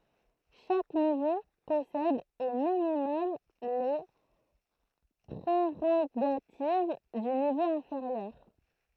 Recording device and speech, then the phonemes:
throat microphone, read sentence
ʃak nivo pɔsɛd o minimɔm le pʁeʁoɡativ dy nivo ɛ̃feʁjœʁ

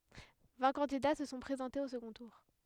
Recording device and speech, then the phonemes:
headset microphone, read sentence
vɛ̃ kɑ̃dida sə sɔ̃ pʁezɑ̃tez o səɡɔ̃ tuʁ

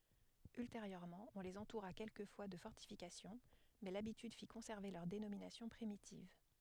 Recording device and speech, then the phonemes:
headset microphone, read sentence
ylteʁjøʁmɑ̃ ɔ̃ lez ɑ̃tuʁa kɛlkəfwa də fɔʁtifikasjɔ̃ mɛ labityd fi kɔ̃sɛʁve lœʁ denominasjɔ̃ pʁimitiv

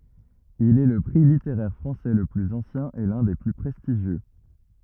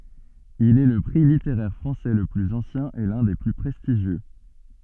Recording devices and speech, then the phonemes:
rigid in-ear microphone, soft in-ear microphone, read sentence
il ɛ lə pʁi liteʁɛʁ fʁɑ̃sɛ lə plyz ɑ̃sjɛ̃ e lœ̃ de ply pʁɛstiʒjø

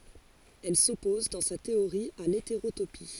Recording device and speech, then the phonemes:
forehead accelerometer, read sentence
ɛl sɔpɔz dɑ̃ sa teoʁi a leteʁotopi

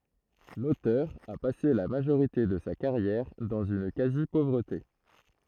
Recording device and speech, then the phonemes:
throat microphone, read sentence
lotœʁ a pase la maʒoʁite də sa kaʁjɛʁ dɑ̃z yn kazipovʁəte

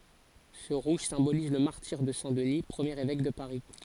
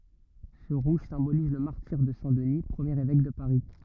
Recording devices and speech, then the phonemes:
forehead accelerometer, rigid in-ear microphone, read sentence
sə ʁuʒ sɛ̃boliz lə maʁtiʁ də sɛ̃ dəni pʁəmjeʁ evɛk də paʁi

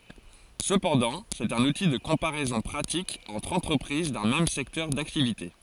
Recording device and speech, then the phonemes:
forehead accelerometer, read sentence
səpɑ̃dɑ̃ sɛt œ̃n uti də kɔ̃paʁɛzɔ̃ pʁatik ɑ̃tʁ ɑ̃tʁəpʁiz dœ̃ mɛm sɛktœʁ daktivite

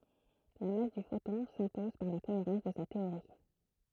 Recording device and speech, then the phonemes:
throat microphone, read sentence
la mas dy fotɔ̃ sɛ̃pɔz paʁ la koeʁɑ̃s də sa teoʁi

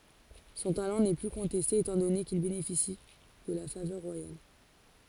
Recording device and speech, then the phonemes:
forehead accelerometer, read sentence
sɔ̃ talɑ̃ nɛ ply kɔ̃tɛste etɑ̃ dɔne kil benefisi də la favœʁ ʁwajal

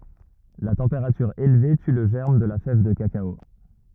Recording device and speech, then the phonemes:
rigid in-ear microphone, read sentence
la tɑ̃peʁatyʁ elve ty lə ʒɛʁm də la fɛv də kakao

